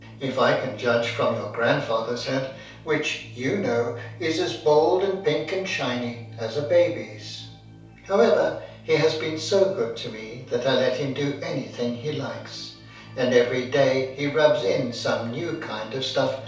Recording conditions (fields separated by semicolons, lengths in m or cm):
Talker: one person; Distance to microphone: 3.0 m; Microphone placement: far; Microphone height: 1.8 m; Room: small (3.7 m by 2.7 m); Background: music